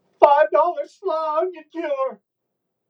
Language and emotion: English, fearful